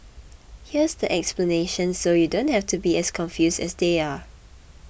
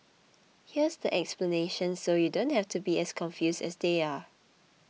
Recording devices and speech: boundary microphone (BM630), mobile phone (iPhone 6), read sentence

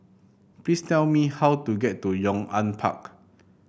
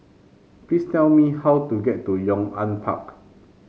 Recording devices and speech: boundary microphone (BM630), mobile phone (Samsung C5), read sentence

